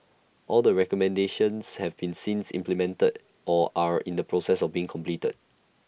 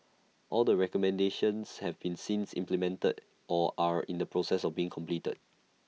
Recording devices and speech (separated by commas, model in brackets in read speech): boundary microphone (BM630), mobile phone (iPhone 6), read sentence